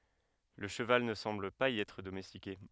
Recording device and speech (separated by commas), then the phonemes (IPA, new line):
headset microphone, read sentence
lə ʃəval nə sɑ̃bl paz i ɛtʁ domɛstike